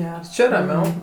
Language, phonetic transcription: Lithuanian, ˈgers ˈči raˈmiau

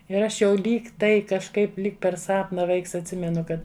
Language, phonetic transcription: Lithuanian, ir ˈaš jau ˈlyg ˈtai kažˈkaip ˈlyg per ˈsapna ˈvaiks atˈsimenu ˈkad

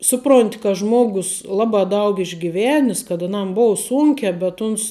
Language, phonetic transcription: Lithuanian, ˈsuˌpronti ka ˈžmogus ˈlabā ˈdaug išgiˈvenis kad aˈnam ˈbou ˈsūnkē bet ˈuns

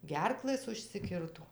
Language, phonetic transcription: Lithuanian, ˈgerklɘs užsiˈkirto

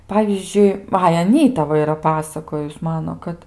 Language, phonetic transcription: Lithuanian, ˈpavyzdžiui ˈai aˈnyta ˈva iˈra ˈpasakojus ˈmano ˈkad

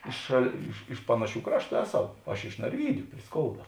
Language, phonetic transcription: Lithuanian, ˈiš šal ˈiš iš ˈpanaˌšių ˈkrašˌtų ˈeˌsau aš iš narˈvydiu pri ˈskouda

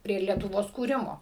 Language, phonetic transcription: Lithuanian, prie lietuˈvos kūˈrimo

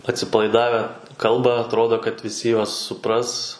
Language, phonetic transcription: Lithuanian, atsipalaiˈdave ˈkalba atˈrodo kad viˈsi ˈjuos suˈpras

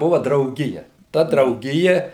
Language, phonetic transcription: Lithuanian, ˈbuva drauˈgija ˈta drauˈgija

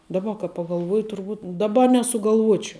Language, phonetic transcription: Lithuanian, daˈba ka pagalˈvuoji turˈbūt daˈba nesugalˈvuočiau

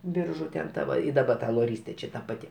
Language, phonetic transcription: Lithuanian, ˈbiržu ten ˈta va i daˈba ta loˈrystė ˈčia ˈta paˈti

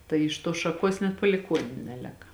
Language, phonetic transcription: Lithuanian, tai iš ˈtuos šaˈkuos net paliˈkuoniu ˈnelėka

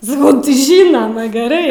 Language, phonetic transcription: Lithuanian, saˈkau tai ˈžynoma geˈrai

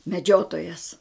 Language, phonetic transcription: Lithuanian, meˈdžiotojas

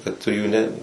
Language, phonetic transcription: Lithuanian, kad tu jų ˈne

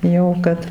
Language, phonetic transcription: Lithuanian, jau ˈkad

